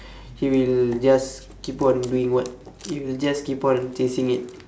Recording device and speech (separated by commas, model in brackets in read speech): standing microphone, conversation in separate rooms